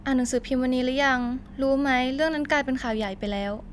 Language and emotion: Thai, neutral